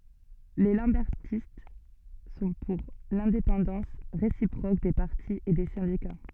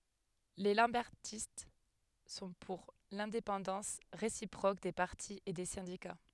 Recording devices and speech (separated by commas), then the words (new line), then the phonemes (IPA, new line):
soft in-ear microphone, headset microphone, read sentence
Les lambertistes sont pour l'indépendance réciproque des partis et des syndicats.
le lɑ̃bɛʁtist sɔ̃ puʁ lɛ̃depɑ̃dɑ̃s ʁesipʁok de paʁti e de sɛ̃dika